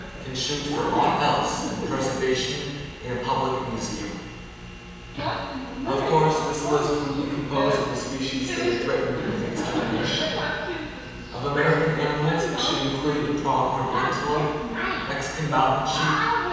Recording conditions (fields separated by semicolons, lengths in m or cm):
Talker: one person; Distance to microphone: 7.1 m; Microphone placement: far; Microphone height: 1.7 m; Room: very reverberant, large; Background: television